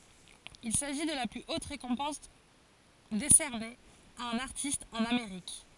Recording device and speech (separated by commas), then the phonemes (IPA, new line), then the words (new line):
forehead accelerometer, read sentence
il saʒi də la ply ot ʁekɔ̃pɑ̃s desɛʁne a œ̃n aʁtist ɑ̃n ameʁik
Il s'agit de la plus haute récompense décernée à un artiste en Amérique.